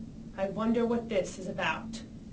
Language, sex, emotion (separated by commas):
English, female, angry